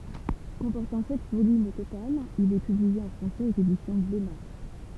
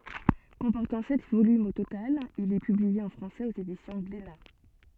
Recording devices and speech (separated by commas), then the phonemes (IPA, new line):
temple vibration pickup, soft in-ear microphone, read sentence
kɔ̃pɔʁtɑ̃ sɛt volymz o total il ɛ pyblie ɑ̃ fʁɑ̃sɛz oz edisjɔ̃ ɡlena